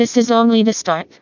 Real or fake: fake